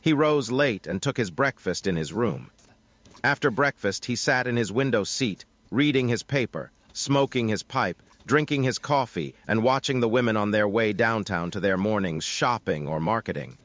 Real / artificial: artificial